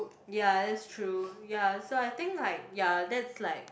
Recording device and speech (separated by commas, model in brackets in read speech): boundary microphone, conversation in the same room